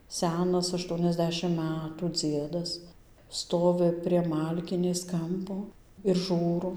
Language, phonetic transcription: Lithuanian, ˈsenas ašˌtuoniasˈdešim ˈmætų ˈdziedas ˈstovi prie ˈmalkinės ˈkampo ir ˈžūro

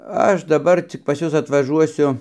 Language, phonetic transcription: Lithuanian, ˈaš daˈbar ˈcik pas ˈjus atvaˈžuosiu

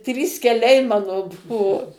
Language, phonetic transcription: Lithuanian, ˈtrys keˈliai ˈmano ˈbuvo

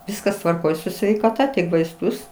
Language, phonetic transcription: Lithuanian, ˈviskas tvarˈkoj su sveikaˈta tik vaisˈtus

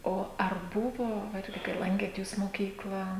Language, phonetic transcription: Lithuanian, ˈo ar ˈbuvo ˈirgi kai ˈlankėt ˈjūs moˈkyklą

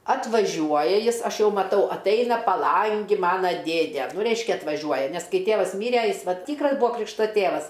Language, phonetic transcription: Lithuanian, atvaˈžiuoja ˈjis ˈaš ˈjau maˈtau atˈaina paˈlangi ˈmano ˈdėde ˈreiškia atvaˈžiuoja ˈnes ˈkai ˈtėvas ˈmyre ˈjis ˈvat ˈtykras ˈbūa ˈkrikšta ˈtėvas

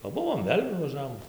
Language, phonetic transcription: Lithuanian, paˈbuvom ˈvėl' nuvaˈžavom

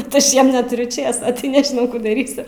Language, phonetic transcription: Lithuanian, kad ˈaš ˈjiem neˈturiu ˈčėso tai nežiˈnau ˈkų daˈrysiu

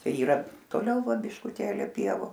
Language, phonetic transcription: Lithuanian, ˈčia yˈra toˈliau ˈva biškuˈtėli ˈpievu

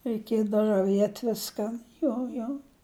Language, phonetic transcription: Lithuanian, reiˈkiedav raˈviet' ˈviskan ˈjo jo

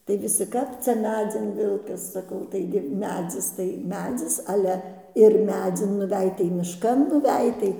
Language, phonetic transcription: Lithuanian, tai viˈsi ˈkap cia ˈmedzin ˈvilkas saˈkau ˈtaigi ˈmedzis tai ˈmedzis ˈale ir ˈmedzin nuˈvej tai mišˈkan nuˈvej tai

